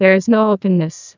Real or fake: fake